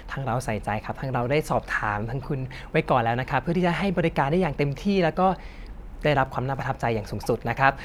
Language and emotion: Thai, happy